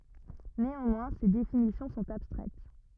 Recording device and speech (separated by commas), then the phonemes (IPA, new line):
rigid in-ear microphone, read sentence
neɑ̃mwɛ̃ se definisjɔ̃ sɔ̃t abstʁɛt